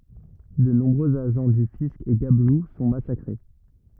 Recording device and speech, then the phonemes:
rigid in-ear microphone, read sentence
də nɔ̃bʁøz aʒɑ̃ dy fisk e ɡablu sɔ̃ masakʁe

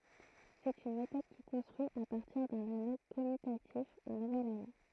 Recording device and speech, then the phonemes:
throat microphone, read sentence
sɛt yn metɔd ki kɔ̃stʁyi a paʁtiʁ dœ̃n ano kɔmytatif œ̃ nuvɛl ano

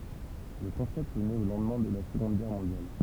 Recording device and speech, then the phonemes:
temple vibration pickup, read sentence
lə kɔ̃sɛpt nɛt o lɑ̃dmɛ̃ də la səɡɔ̃d ɡɛʁ mɔ̃djal

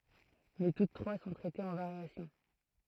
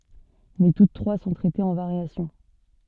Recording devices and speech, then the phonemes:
throat microphone, soft in-ear microphone, read sentence
mɛ tut tʁwa sɔ̃ tʁɛtez ɑ̃ vaʁjasjɔ̃

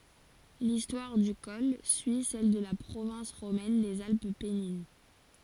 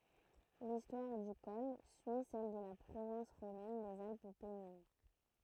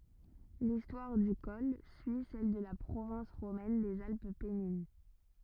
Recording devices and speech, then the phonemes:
forehead accelerometer, throat microphone, rigid in-ear microphone, read sentence
listwaʁ dy kɔl syi sɛl də la pʁovɛ̃s ʁomɛn dez alp pɛnin

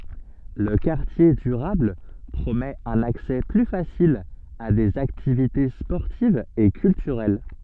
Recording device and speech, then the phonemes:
soft in-ear microphone, read sentence
lə kaʁtje dyʁabl pʁomɛt œ̃n aksɛ ply fasil a dez aktivite spɔʁtivz e kyltyʁɛl

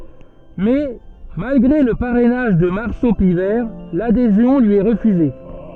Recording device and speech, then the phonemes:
soft in-ear microphone, read sentence
mɛ malɡʁe lə paʁɛnaʒ də maʁso pivɛʁ ladezjɔ̃ lyi ɛ ʁəfyze

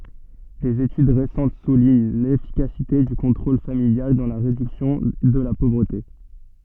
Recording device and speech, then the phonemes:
soft in-ear microphone, read sentence
dez etyd ʁesɑ̃t suliɲ lefikasite dy kɔ̃tʁol familjal dɑ̃ la ʁedyksjɔ̃ də la povʁəte

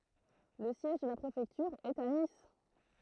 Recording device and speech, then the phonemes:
throat microphone, read sentence
lə sjɛʒ də la pʁefɛktyʁ ɛt a nis

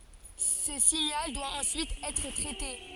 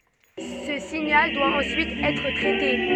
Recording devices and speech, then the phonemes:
forehead accelerometer, soft in-ear microphone, read sentence
sə siɲal dwa ɑ̃syit ɛtʁ tʁɛte

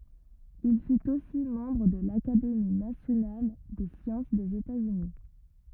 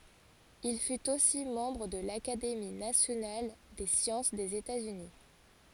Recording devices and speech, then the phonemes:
rigid in-ear microphone, forehead accelerometer, read sentence
il fyt osi mɑ̃bʁ də lakademi nasjonal de sjɑ̃s dez etatsyni

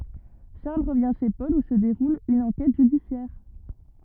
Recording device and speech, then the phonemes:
rigid in-ear microphone, read sentence
ʃaʁl ʁəvjɛ̃ ʃe pɔl u sə deʁul yn ɑ̃kɛt ʒydisjɛʁ

